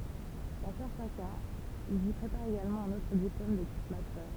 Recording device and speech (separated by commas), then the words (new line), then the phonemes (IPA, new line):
temple vibration pickup, read sentence
Dans certains cas, ils y préparent également un autre diplôme de type master.
dɑ̃ sɛʁtɛ̃ kaz ilz i pʁepaʁt eɡalmɑ̃ œ̃n otʁ diplom də tip mastœʁ